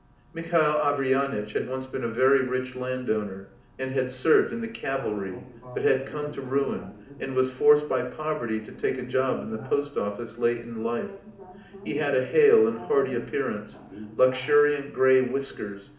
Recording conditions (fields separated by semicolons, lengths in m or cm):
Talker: one person; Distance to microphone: 2.0 m; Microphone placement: close; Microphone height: 99 cm; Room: medium-sized (5.7 m by 4.0 m); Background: television